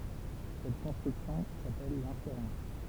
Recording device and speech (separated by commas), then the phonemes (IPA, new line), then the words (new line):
temple vibration pickup, read sentence
sɛt kɔ̃stʁyksjɔ̃ sapɛl lɛ̃feʁɑ̃s
Cette construction s'appelle l'inférence.